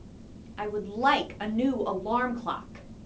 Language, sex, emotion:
English, female, angry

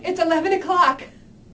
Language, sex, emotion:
English, female, fearful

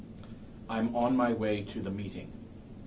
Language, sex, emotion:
English, male, neutral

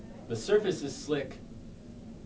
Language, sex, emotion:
English, male, neutral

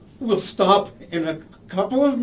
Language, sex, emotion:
English, male, fearful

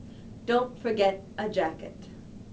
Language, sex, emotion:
English, female, neutral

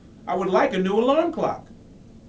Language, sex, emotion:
English, male, angry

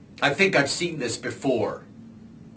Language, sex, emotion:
English, male, disgusted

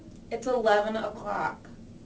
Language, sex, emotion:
English, female, neutral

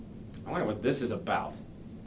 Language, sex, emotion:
English, male, disgusted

